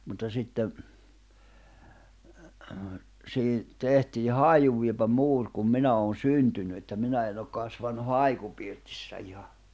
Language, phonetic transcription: Finnish, mutta sitte , 'siihi , 'tehtii "hàijuvviepä "muur kum 'minä oon "syntyny että 'minä en ‿ok 'kasvannu "haikupirtissä iha .
- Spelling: mutta sitten siihen tehtiin haiunvievä muuri kun minä olen syntynyt että minä en ole kasvanut haikupirtissä ihan

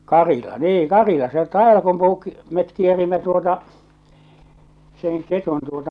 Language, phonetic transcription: Finnish, Karila , niiŋ , "Karila se 'Taevalkumpuu , met kierimmä tuota , seŋ 'ketun tuota
- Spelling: Karila niin Karila se Taivalkumpuun me kierimme tuota sen ketun tuota

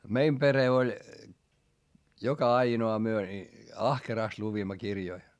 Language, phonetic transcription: Finnish, meim pere oĺ , joka aino₍a myö ni , ahkeràst luvimma kirjoi .
- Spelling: meidän perhe oli joka ainoa me niin ahkerasti luimme kirjoja

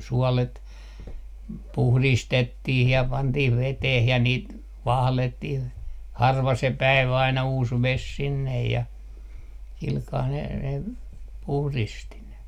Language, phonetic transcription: Finnish, 'suɔlet , "puhlistettih ja 'pantih 'veteh ja niit , "vahlettih , 'harva se "päivä 'aina 'uus 'ves "sinnej ja , silkaa ne ne , 'puhristi 'ne .
- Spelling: suolet puhdistettiin ja pantiin veteen ja niitä valettiin harva se päivä aina uusi vesi sinne ja sillä kalella ne ne puhdisti ne

